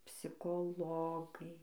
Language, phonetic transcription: Lithuanian, psikoˈlogai

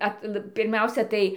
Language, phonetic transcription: Lithuanian, ˈatl pirˈmiausia tai

